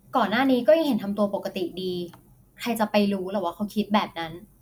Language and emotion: Thai, frustrated